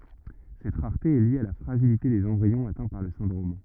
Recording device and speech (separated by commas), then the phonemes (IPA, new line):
rigid in-ear microphone, read sentence
sɛt ʁaʁte ɛ lje a la fʁaʒilite dez ɑ̃bʁiɔ̃z atɛ̃ paʁ lə sɛ̃dʁom